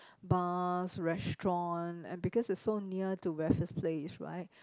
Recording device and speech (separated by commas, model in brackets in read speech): close-talking microphone, conversation in the same room